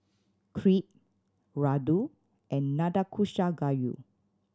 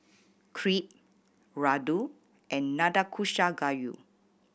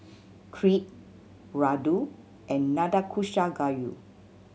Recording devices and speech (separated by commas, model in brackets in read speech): standing microphone (AKG C214), boundary microphone (BM630), mobile phone (Samsung C7100), read sentence